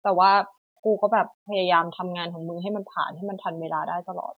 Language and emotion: Thai, frustrated